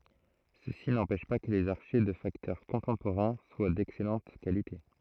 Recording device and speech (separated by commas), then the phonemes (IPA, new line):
throat microphone, read sentence
səsi nɑ̃pɛʃ pa kə lez aʁʃɛ də faktœʁ kɔ̃tɑ̃poʁɛ̃ swa dɛksɛlɑ̃t kalite